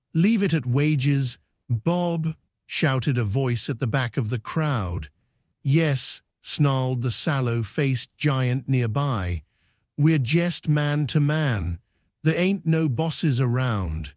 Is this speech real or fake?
fake